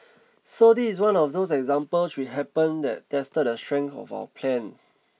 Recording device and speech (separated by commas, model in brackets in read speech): mobile phone (iPhone 6), read sentence